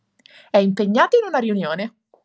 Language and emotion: Italian, happy